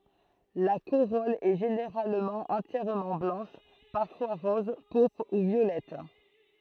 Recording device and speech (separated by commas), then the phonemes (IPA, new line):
throat microphone, read sentence
la koʁɔl ɛ ʒeneʁalmɑ̃ ɑ̃tjɛʁmɑ̃ blɑ̃ʃ paʁfwa ʁɔz puʁpʁ u vjolɛt